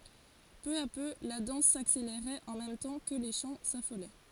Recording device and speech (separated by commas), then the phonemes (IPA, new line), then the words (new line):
forehead accelerometer, read sentence
pø a pø la dɑ̃s sakseleʁɛt ɑ̃ mɛm tɑ̃ kə le ʃɑ̃ safolɛ
Peu à peu, la danse s'accélérait en même temps que les chants s'affolaient.